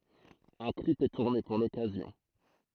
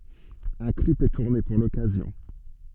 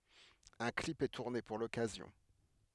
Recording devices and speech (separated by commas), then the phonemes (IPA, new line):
throat microphone, soft in-ear microphone, headset microphone, read sentence
œ̃ klip ɛ tuʁne puʁ lɔkazjɔ̃